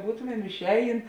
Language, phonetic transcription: Lithuanian, ˈbūtomem išˈējėn

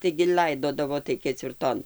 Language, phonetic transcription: Lithuanian, taigi ˈl'aidodavo tai kecvirˈton

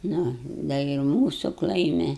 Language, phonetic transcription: Lithuanian, ˈnu da i ˈmūsu ˈklaimi

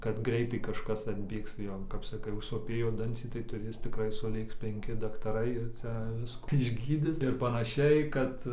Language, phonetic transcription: Lithuanian, kad ˈgreitai kažˈkas atˈbėgs ˈjo kap saˈkai užsoˈpėjo ˈdancį tai tuˈrės tikˈrai suˈlėks penˈki daktaˈrai ir ˈcia ˈviskų išˈgydis ir panaˈšiai ˈkad

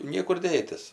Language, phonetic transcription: Lithuanian, ˈniekur ˈdėtis

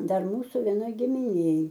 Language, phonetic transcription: Lithuanian, ˈdar ˈmūsu veˈnoj gimiˈnėj

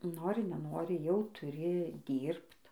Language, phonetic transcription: Lithuanian, ˈnori neˈnori jau tuˈri ˈdyrbt

